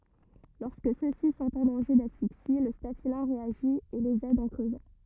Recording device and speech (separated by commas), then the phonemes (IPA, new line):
rigid in-ear microphone, read sentence
lɔʁskə sø si sɔ̃t ɑ̃ dɑ̃ʒe dasfiksi lə stafilɛ̃ ʁeaʒi e lez ɛd ɑ̃ kʁøzɑ̃